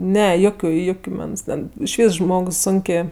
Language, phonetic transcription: Lithuanian, ˈne ˈjokiu ˈjukiu ˈmens ten išˈvys ˈžmogs ˈsunkė

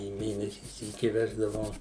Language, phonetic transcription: Lithuanian, į ˈmėnesį ˈsyki ˈveždavau

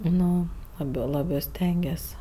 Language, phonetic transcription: Lithuanian, ˈnu ˈlabė ˈlabɜ ˈstengies

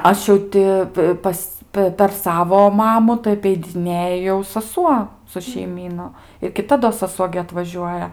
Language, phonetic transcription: Lithuanian, ˈaš jau ti ˈpas ˈpe per ˈsavo ˈmamu tai apeidiˈnėja jau saˈsuo su šeiˈmynu ir kiˈta do saˈsuo gi atvaˈžiuoja

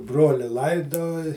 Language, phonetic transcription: Lithuanian, ˈbroli ˈlaidoj

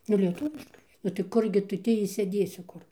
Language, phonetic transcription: Lithuanian, nu lieˈtuviškai nu tai ˈkurgi ˈtu ˈtį išsėˈdėsi ˈkur

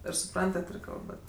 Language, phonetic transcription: Lithuanian, ir suˈprantat ir ˈkalbat

